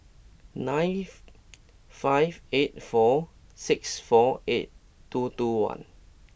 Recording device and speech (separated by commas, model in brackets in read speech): boundary microphone (BM630), read sentence